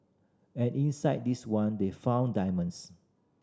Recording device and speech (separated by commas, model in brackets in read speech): standing microphone (AKG C214), read sentence